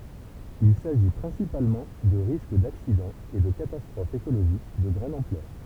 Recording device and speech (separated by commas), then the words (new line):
temple vibration pickup, read sentence
Il s’agit principalement de risques d’accidents et de catastrophes écologiques de grande ampleur.